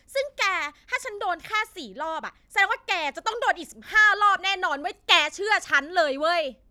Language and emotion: Thai, angry